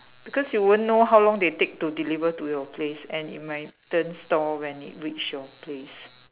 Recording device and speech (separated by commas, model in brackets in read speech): telephone, conversation in separate rooms